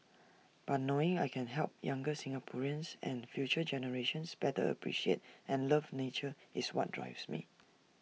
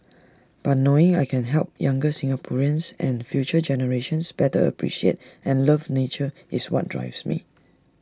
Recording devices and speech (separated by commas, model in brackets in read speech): mobile phone (iPhone 6), standing microphone (AKG C214), read sentence